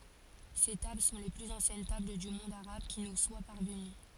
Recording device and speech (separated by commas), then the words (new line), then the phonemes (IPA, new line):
forehead accelerometer, read sentence
Ces tables sont les plus anciennes tables du monde arabe qui nous soient parvenues.
se tabl sɔ̃ le plyz ɑ̃sjɛn tabl dy mɔ̃d aʁab ki nu swa paʁvəny